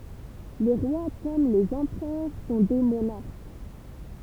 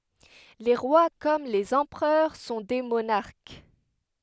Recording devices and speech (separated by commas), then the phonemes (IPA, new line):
temple vibration pickup, headset microphone, read sentence
le ʁwa kɔm lez ɑ̃pʁœʁ sɔ̃ de monaʁk